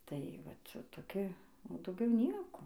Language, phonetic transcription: Lithuanian, tai ˈvat toˈki o dauˈgiau ˈnieko

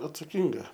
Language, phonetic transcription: Lithuanian, atsaˈkinga

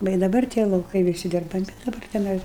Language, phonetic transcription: Lithuanian, ˈva i daˈbar tie lauˈkai viˈsi dirbaˈmi daˈbar teˈnai

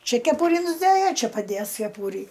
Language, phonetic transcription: Lithuanian, ˈčia keˈpuri nusˈdɘja ˈčia paˈdės keˈpūri

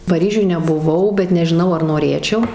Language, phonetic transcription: Lithuanian, paˈryžiuj nebuˈvau bet nežiˈnau ar noˈrėčiau

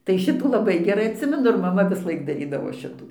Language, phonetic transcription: Lithuanian, tai ˈšitų laˈbai geˈrai atˈsimenu ir maˈma visˈlaik daˈrydavo ˈšitų

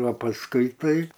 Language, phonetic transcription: Lithuanian, o pasˈkui ˈtai

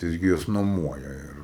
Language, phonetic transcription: Lithuanian, tai ˈjis gi ˈjuos noˈmuoja ˈir

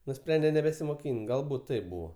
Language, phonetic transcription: Lithuanian, nuˈsprende nebesimoˈkyn't ˈgalbūt ˈtaip ˈbūvo

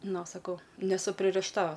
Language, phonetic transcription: Lithuanian, ˈno saˈkau neˈsu pririšˈta

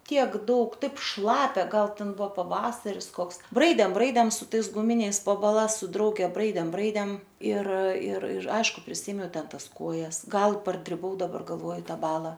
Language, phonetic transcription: Lithuanian, ˈtiek ˈdaug ˈtaip ˈšlapia ˈgal ˈten ˈbuvo paˈvasaris ˈkoks ˈbraidėm ˈbraidėm su ˈtais guˈminiais po baˈlas su ˈdrauge ˈbraidėm ˈbraidėm ir ir ir ˈaišku priˈsėmiau ˈten ˈtas ˈkojas ˈgal pargriuˈvau daˈbar galˈvoju ˈtą ˈbala

